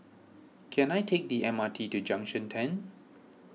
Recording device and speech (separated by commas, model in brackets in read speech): mobile phone (iPhone 6), read sentence